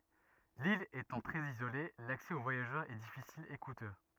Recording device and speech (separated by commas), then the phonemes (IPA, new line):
rigid in-ear microphone, read sentence
lil etɑ̃ tʁɛz izole laksɛ o vwajaʒœʁz ɛ difisil e kutø